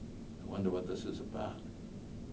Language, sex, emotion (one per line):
English
male
neutral